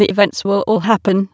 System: TTS, waveform concatenation